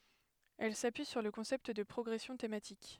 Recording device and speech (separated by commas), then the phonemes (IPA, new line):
headset microphone, read sentence
ɛl sapyi syʁ lə kɔ̃sɛpt də pʁɔɡʁɛsjɔ̃ tematik